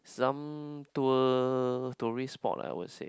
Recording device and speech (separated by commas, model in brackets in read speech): close-talking microphone, conversation in the same room